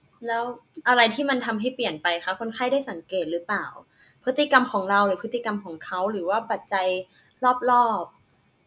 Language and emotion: Thai, neutral